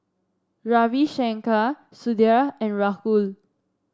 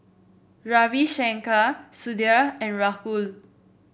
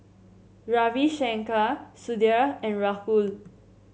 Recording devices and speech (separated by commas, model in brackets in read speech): standing microphone (AKG C214), boundary microphone (BM630), mobile phone (Samsung C7), read sentence